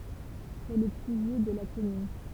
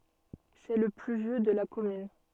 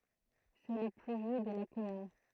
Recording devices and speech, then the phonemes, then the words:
temple vibration pickup, soft in-ear microphone, throat microphone, read sentence
sɛ lə ply vjø də la kɔmyn
C’est le plus vieux de la commune.

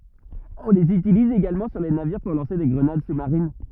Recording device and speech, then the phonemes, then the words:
rigid in-ear microphone, read sentence
ɔ̃ lez ytiliz eɡalmɑ̃ syʁ le naviʁ puʁ lɑ̃se de ɡʁənad su maʁin
On les utilise également sur les navires pour lancer des grenades sous marines.

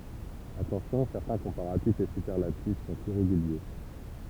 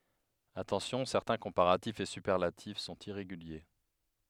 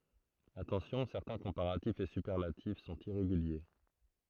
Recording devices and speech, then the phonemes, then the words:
temple vibration pickup, headset microphone, throat microphone, read sentence
atɑ̃sjɔ̃ sɛʁtɛ̃ kɔ̃paʁatifz e sypɛʁlatif sɔ̃t iʁeɡylje
Attention: certains comparatifs et superlatifs sont irréguliers.

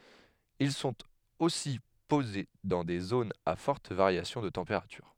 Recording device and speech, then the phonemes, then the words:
headset microphone, read sentence
il sɔ̃t osi poze dɑ̃ de zonz a fɔʁt vaʁjasjɔ̃ də tɑ̃peʁatyʁ
Ils sont aussi posés dans des zones à forte variation de température.

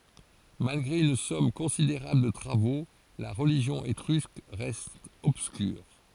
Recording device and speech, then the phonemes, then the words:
forehead accelerometer, read sentence
malɡʁe yn sɔm kɔ̃sideʁabl də tʁavo la ʁəliʒjɔ̃ etʁysk ʁɛst ɔbskyʁ
Malgré une somme considérable de travaux, la religion étrusque reste obscure.

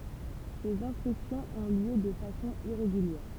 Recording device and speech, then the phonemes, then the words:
temple vibration pickup, read sentence
sez ɛ̃spɛksjɔ̃z ɔ̃ ljø də fasɔ̃ iʁeɡyljɛʁ
Ces inspections ont lieu de façon irrégulière.

